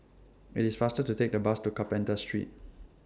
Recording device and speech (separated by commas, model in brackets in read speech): standing microphone (AKG C214), read sentence